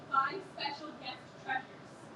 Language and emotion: English, fearful